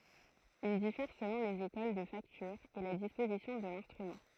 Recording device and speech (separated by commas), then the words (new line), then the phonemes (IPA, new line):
throat microphone, read sentence
Il diffère selon les écoles de facture et la disposition de l'instrument.
il difɛʁ səlɔ̃ lez ekol də faktyʁ e la dispozisjɔ̃ də lɛ̃stʁymɑ̃